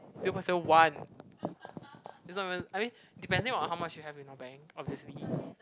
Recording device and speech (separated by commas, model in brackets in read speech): close-talking microphone, conversation in the same room